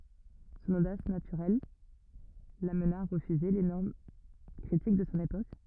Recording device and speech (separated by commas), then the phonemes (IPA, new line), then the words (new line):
rigid in-ear microphone, read sentence
sɔ̃n odas natyʁɛl lamna a ʁəfyze le nɔʁm kʁitik də sɔ̃ epok
Son audace naturelle l'amena à refuser les normes critiques de son époque.